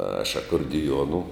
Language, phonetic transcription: Lithuanian, aš akordiˈjuonu

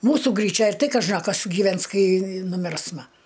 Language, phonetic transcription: Lithuanian, ˈmūsu gryˈčia ir ˈtai kaˈža a ˈkas gyˈvens ˈkai nuˈmirsma

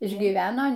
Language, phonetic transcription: Lithuanian, išgyˈveno

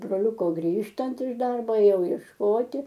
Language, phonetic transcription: Lithuanian, broˈliuko ˈgrįžtant iš ˈdarbo ėˈjau iešˈkoti

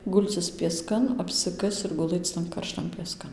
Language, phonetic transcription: Lithuanian, ˈgulcis pieˈskan apsiˈkasc ir guˈlɘc tan karˈštan pieˈskan

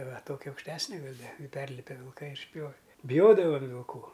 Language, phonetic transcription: Lithuanian, va ˈtokia aukšˈtesne ˈgal' ˈda i ˈperlipe vilˈkai ir išˈpjove biˈjodavam vilˈkų

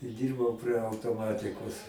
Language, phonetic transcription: Lithuanian, i ˈdyrbau prie autoˈmatikos

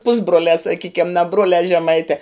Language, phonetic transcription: Lithuanian, ˈpusbruoliā saˈkykiam na ˈbruoliā žeˈmaitē

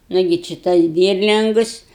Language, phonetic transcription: Lithuanian, ˈnugi či ˈtas ˈdyrlingus

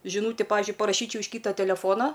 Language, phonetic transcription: Lithuanian, žiˈnūti ˈpavizdžiui paraˈšyčiau iš ˈkyta teleˈfona

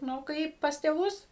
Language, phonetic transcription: Lithuanian, ˈnu ˈkaip pas tėˈvus

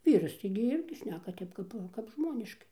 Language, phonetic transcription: Lithuanian, ˈvyras taigi ˈirgi ˈšneka ˈtep kap kap ˈžmoniškai

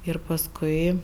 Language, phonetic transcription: Lithuanian, ir paˈskui

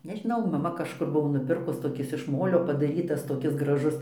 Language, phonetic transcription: Lithuanian, nežiˈnau maˈma kažˈkur ˈbuvo nuˈpirkus toˈkis iš ˈmolio padaˈrytas toˈkis graˈžus

